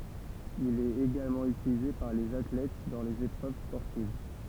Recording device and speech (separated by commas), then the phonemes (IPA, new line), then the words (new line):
temple vibration pickup, read sentence
il ɛt eɡalmɑ̃ ytilize paʁ lez atlɛt dɑ̃ lez epʁøv spɔʁtiv
Il est également utilisé par les athlètes dans les épreuves sportives.